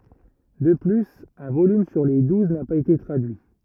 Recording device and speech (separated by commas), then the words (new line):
rigid in-ear microphone, read sentence
De plus, un volume sur les douze n'a pas été traduit.